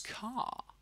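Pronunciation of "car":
'Car' is said with a non-rhotic British accent: there is not even a little bit of the r sound at the end.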